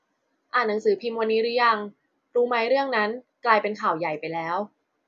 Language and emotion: Thai, neutral